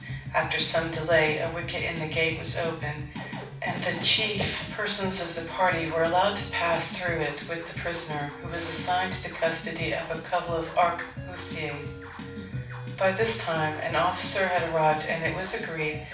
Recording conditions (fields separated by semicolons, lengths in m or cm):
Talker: one person; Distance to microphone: 5.8 m; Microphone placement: far; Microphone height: 1.8 m; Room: medium-sized (5.7 m by 4.0 m); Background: music